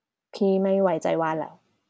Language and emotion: Thai, frustrated